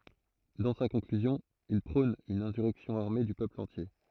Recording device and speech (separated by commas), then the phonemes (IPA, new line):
throat microphone, read sentence
dɑ̃ sa kɔ̃klyzjɔ̃ il pʁɔ̃n yn ɛ̃syʁɛksjɔ̃ aʁme dy pøpl ɑ̃tje